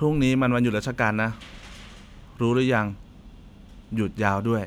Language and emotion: Thai, neutral